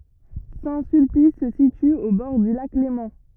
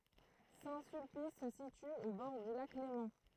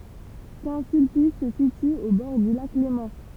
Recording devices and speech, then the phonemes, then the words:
rigid in-ear microphone, throat microphone, temple vibration pickup, read sentence
sɛ̃ sylpis sə sity o bɔʁ dy lak lemɑ̃
Saint-Sulpice se situe au bord du Lac Léman.

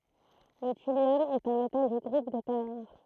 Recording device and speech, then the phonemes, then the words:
throat microphone, read sentence
lə tyljɔm ɛt œ̃ metal dy ɡʁup de tɛʁ ʁaʁ
Le thulium est un métal du groupe des terres rares.

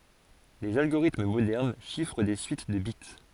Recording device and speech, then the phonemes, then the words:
forehead accelerometer, read sentence
lez alɡoʁitm modɛʁn ʃifʁ de syit də bit
Les algorithmes modernes chiffrent des suites de bits.

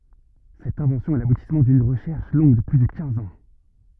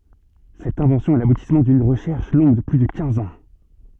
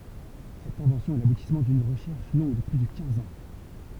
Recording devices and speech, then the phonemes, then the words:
rigid in-ear microphone, soft in-ear microphone, temple vibration pickup, read sentence
sɛt ɛ̃vɑ̃sjɔ̃ ɛ labutismɑ̃ dyn ʁəʃɛʁʃ lɔ̃ɡ də ply də kɛ̃z ɑ̃
Cette invention est l'aboutissement d'une recherche longue de plus de quinze ans.

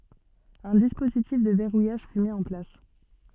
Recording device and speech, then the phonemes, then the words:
soft in-ear microphone, read sentence
œ̃ dispozitif də vɛʁujaʒ fy mi ɑ̃ plas
Un dispositif de verrouillage fut mis en place.

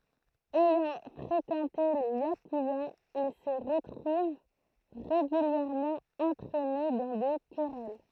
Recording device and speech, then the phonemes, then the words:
throat microphone, read sentence
ɛjɑ̃ fʁekɑ̃te le jakyzaz il sə ʁətʁuv ʁeɡyljɛʁmɑ̃ ɑ̃tʁɛne dɑ̃ de kʁɛl
Ayant fréquenté les yakuzas, il se retrouve régulièrement entraîné dans des querelles.

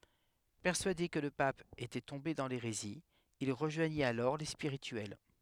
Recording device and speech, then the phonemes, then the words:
headset microphone, read sentence
pɛʁsyade kə lə pap etɛ tɔ̃be dɑ̃ leʁezi il ʁəʒwaɲit alɔʁ le spiʁityɛl
Persuadé que le pape était tombé dans l’hérésie, il rejoignit alors les Spirituels.

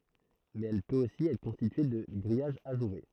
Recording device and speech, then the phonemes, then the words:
throat microphone, read sentence
mɛz ɛl pøt osi ɛtʁ kɔ̃stitye də ɡʁijaʒ aʒuʁe
Mais elle peut aussi être constituée de grillage ajouré.

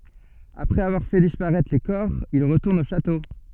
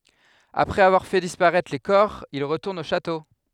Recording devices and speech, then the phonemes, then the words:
soft in-ear microphone, headset microphone, read sentence
apʁɛz avwaʁ fɛ dispaʁɛtʁ le kɔʁ il ʁətuʁnt o ʃato
Après avoir fait disparaître les corps, ils retournent au château.

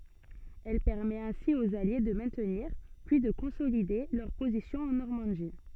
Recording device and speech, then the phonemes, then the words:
soft in-ear microphone, read sentence
ɛl pɛʁmɛt ɛ̃si oz alje də mɛ̃tniʁ pyi də kɔ̃solide lœʁ pozisjɔ̃z ɑ̃ nɔʁmɑ̃di
Elle permet ainsi aux Alliés de maintenir, puis de consolider, leurs positions en Normandie.

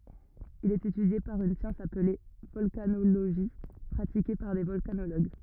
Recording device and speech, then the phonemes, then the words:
rigid in-ear microphone, read sentence
il ɛt etydje paʁ yn sjɑ̃s aple vɔlkanoloʒi pʁatike paʁ de vɔlkanoloɡ
Il est étudié par une science appelée volcanologie pratiquée par des volcanologues.

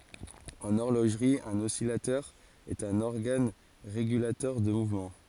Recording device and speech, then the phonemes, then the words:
forehead accelerometer, read sentence
ɑ̃n ɔʁloʒʁi œ̃n ɔsilatœʁ ɛt œ̃n ɔʁɡan ʁeɡylatœʁ də muvmɑ̃
En horlogerie, un oscillateur est un organe régulateur de mouvement.

